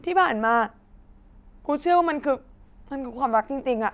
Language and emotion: Thai, sad